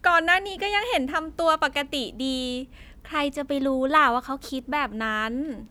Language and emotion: Thai, happy